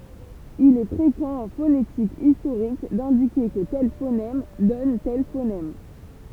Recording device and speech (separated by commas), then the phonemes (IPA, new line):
temple vibration pickup, read sentence
il ɛ fʁekɑ̃ ɑ̃ fonetik istoʁik dɛ̃dike kə tɛl fonɛm dɔn tɛl fonɛm